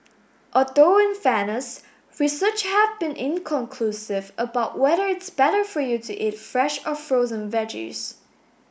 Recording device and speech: boundary microphone (BM630), read sentence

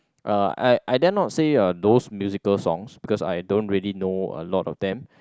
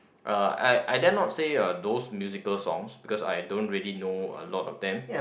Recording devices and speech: close-talking microphone, boundary microphone, conversation in the same room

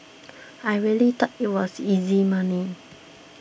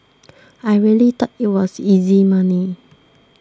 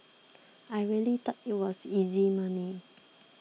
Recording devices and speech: boundary microphone (BM630), standing microphone (AKG C214), mobile phone (iPhone 6), read sentence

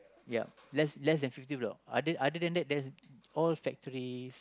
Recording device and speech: close-talking microphone, conversation in the same room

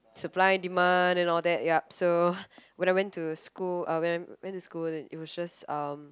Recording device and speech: close-talking microphone, conversation in the same room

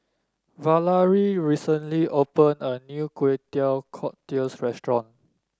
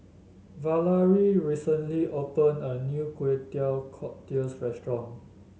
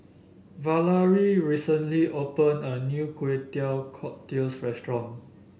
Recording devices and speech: standing microphone (AKG C214), mobile phone (Samsung S8), boundary microphone (BM630), read sentence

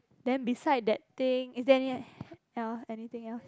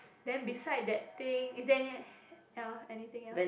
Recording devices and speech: close-talking microphone, boundary microphone, conversation in the same room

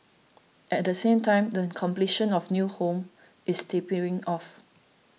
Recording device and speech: mobile phone (iPhone 6), read sentence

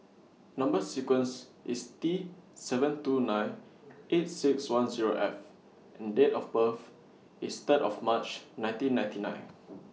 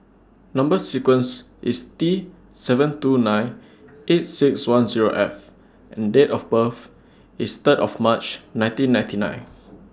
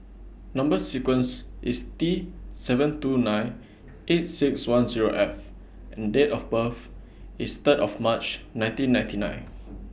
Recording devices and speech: mobile phone (iPhone 6), standing microphone (AKG C214), boundary microphone (BM630), read sentence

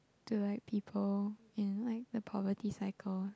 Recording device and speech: close-talking microphone, conversation in the same room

